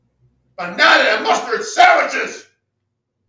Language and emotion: English, disgusted